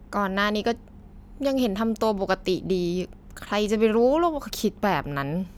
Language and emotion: Thai, frustrated